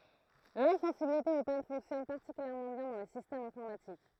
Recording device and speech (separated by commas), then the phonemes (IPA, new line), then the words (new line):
throat microphone, read sentence
lɛ̃sɑ̃sibilite o pan fɔ̃ksjɔn paʁtikyljɛʁmɑ̃ bjɛ̃ dɑ̃ le sistɛmz ɛ̃fɔʁmatik
L'insensibilité aux pannes fonctionne particulièrement bien dans les systèmes informatiques.